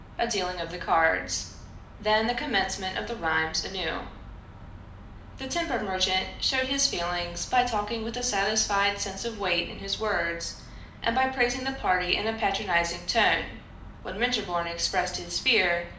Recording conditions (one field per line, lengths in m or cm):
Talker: one person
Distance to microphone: 2.0 m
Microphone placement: close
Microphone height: 99 cm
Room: medium-sized (5.7 m by 4.0 m)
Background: none